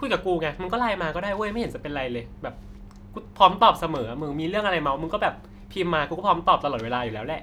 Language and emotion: Thai, neutral